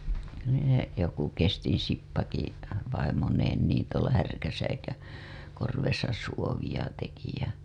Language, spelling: Finnish, kyllä ne joku Kestin Sippakin vaimoineen niin tuolla Härkäsäikän korvessa suovia teki ja
- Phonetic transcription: (kyllä ne) , joku 'Kestiḭ Sippaki , vaimoneen niin tuola 'Härkäsäikäŋ , korvesa suovija teki ja .

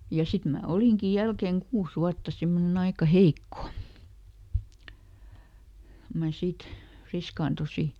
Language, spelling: Finnish, ja sitten minä olinkin jälkeen kuusi vuotta semmoinen aika heikko kun minä sitten friskaannuin
- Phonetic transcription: ja ˈsit mää "oliŋki ˈjälkeŋ ˈkuus ˈwuatta ˈsimmoneˈn ‿aika "heikko , ko mä ˈsit , ˈfriskaantusi .

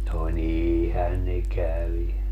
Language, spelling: Finnish, no niinhän ne kävi
- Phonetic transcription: no "niiihän ne 'kävi .

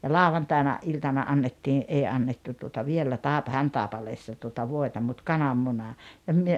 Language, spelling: Finnish, ja lauantaina iltana annettiin ei annettu tuota vielä - Hantaipaleessa tuota voita mutta kananmuna ja me
- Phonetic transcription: ja "làovantàina , '’iltana '’annettii , '’ei 'annettu tuota viellä 'Tàepa- "Häntàepaleessa tuota 'voeta mut "kanammuna , ja 'myö ,.

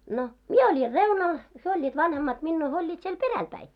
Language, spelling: Finnish, no minä olin reunalla he olivat vanhemmat minua he olivat siellä perällä päin
- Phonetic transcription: no , "mie 'oĺir "reunal , hyö oĺĺiit 'vanhemmat 'minnuu hyö oĺĺiit siel "peräl 'päi .

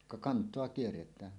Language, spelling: Finnish, ka kantoa kierretään
- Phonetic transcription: ka "kant̀oa 'kierret̀ään .

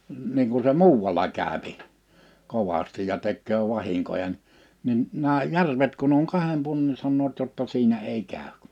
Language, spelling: Finnish, niin kun se muualla käy kovasti ja tekee vahinkoja - niin nämä järvet kun on kahden puolen niin sanovat jotta siinä ei käy
- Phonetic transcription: niiŋ ku 'se "muuwwala 'kä̀öpi , 'kovastij ja 'tekköö 'vahiŋkoja n- , 'nin , 'nää "järvet kun̆n ‿oŋ 'kahem puolen ni 'sannoot jotta 'siinä èi 'käy̬k .

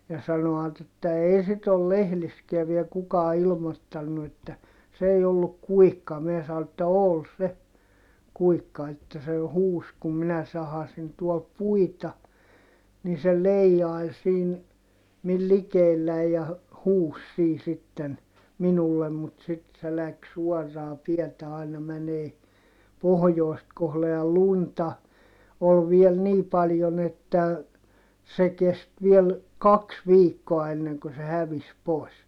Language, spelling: Finnish, ja sanoivat että ei sitten ole lehdissäkään vielä kukaan ilmoittanut että se ei ollut kuikka minä sanoin että oli se kuikka että se jo huusi kun minä sahasin tuolla puita niin se leijaili siinä minun likelläni ja - huusi siinä sitten minulle mutta sitten se lähti suoraa tietä aina menemään pohjoista kohden ja lunta oli vielä niin paljon että se kesti vielä kaksi viikkoa ennen kuin se hävisi pois
- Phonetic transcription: ja sano₍at ‿että » ee sit ‿ol lehliskiä viel kukaa ilmottannu että , s ‿ei olluk kuikka » mie sao että » ol se , kuikka että se jo huus kum minä sahasin tuol puita , ni se leijjai̮l siin , mil likeelläi̮j ja hu- , huus sii sitten , minullem mut sit se läks suɔrraa tiɛtä aina mänee , pohᵒjòi̮st kohle » ja lunta , ol viel nii paljon ‿että , se kest viel , kaks viikkoa enneŋkö se hävis pòi̮s .

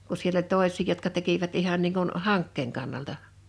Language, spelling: Finnish, kun siellä oli toisia jotka tekivät ihan niin kuin hankkeen kannalta
- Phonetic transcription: ku 'siell ‿oĺ "tòeś̀ii jotka 'tekivät 'ihan niiŋ kun , "haŋkkeeŋ kannalta .

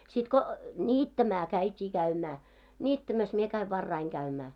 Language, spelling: Finnish, sitten kun niittämään käytiin käymään niittämässä minä kävin varhain käymään
- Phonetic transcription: sit ko , "ńiittämä 'käit́ii 'käymää , 'ńittämäs mie käi 'varraiŋ käymää .

